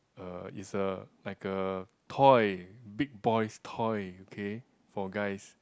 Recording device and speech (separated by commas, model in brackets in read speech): close-talking microphone, conversation in the same room